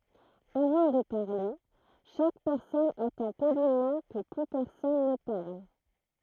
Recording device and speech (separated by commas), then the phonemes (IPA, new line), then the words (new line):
throat microphone, read sentence
avɑ̃ də paʁle ʃak pɛʁsɔn atɑ̃ polimɑ̃ kə ply pɛʁsɔn nə paʁl
Avant de parler, chaque personne attend poliment que plus personne ne parle.